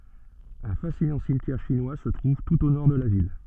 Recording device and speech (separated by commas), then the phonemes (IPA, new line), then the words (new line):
soft in-ear microphone, read sentence
œ̃ fasinɑ̃ simtjɛʁ ʃinwa sə tʁuv tut o nɔʁ də la vil
Un fascinant cimetière chinois se trouve tout au nord de la ville.